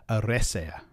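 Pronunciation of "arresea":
In 'Eressëa', the stress is on the third-last syllable, not on the second-last syllable, which has only a short vowel.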